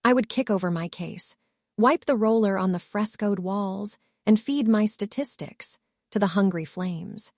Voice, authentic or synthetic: synthetic